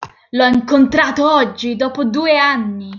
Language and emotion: Italian, angry